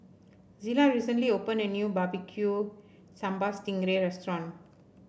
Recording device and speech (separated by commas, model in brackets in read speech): boundary microphone (BM630), read sentence